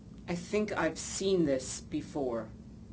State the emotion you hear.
disgusted